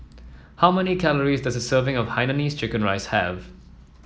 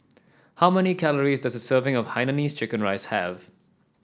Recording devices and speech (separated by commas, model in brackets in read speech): mobile phone (iPhone 7), standing microphone (AKG C214), read sentence